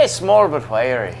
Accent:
scottish accent